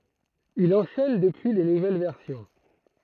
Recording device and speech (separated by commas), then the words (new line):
throat microphone, read sentence
Il enchaîne depuis les nouvelles versions.